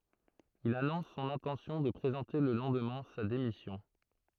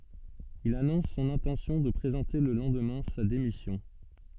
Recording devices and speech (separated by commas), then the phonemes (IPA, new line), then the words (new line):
throat microphone, soft in-ear microphone, read sentence
il anɔ̃s sɔ̃n ɛ̃tɑ̃sjɔ̃ də pʁezɑ̃te lə lɑ̃dmɛ̃ sa demisjɔ̃
Il annonce son intention de présenter le lendemain sa démission.